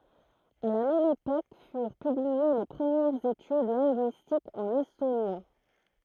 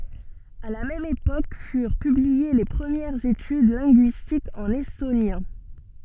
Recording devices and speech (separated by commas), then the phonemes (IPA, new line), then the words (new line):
throat microphone, soft in-ear microphone, read sentence
a la mɛm epok fyʁ pyblie le pʁəmjɛʁz etyd lɛ̃ɡyistikz ɑ̃n ɛstonjɛ̃
À la même époque furent publiées les premières études linguistiques en estonien.